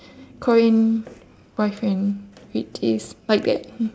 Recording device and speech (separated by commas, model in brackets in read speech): standing microphone, conversation in separate rooms